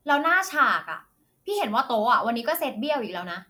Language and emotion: Thai, angry